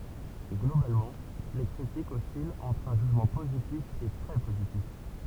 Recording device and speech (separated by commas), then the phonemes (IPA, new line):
temple vibration pickup, read sentence
ɡlobalmɑ̃ le kʁitikz ɔsilt ɑ̃tʁ œ̃ ʒyʒmɑ̃ pozitif e tʁɛ pozitif